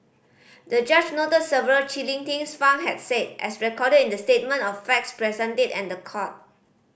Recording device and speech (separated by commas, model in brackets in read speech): boundary microphone (BM630), read sentence